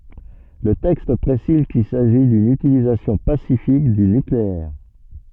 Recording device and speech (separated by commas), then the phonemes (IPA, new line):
soft in-ear microphone, read sentence
lə tɛkst pʁesiz kil saʒi dyn ytilizasjɔ̃ pasifik dy nykleɛʁ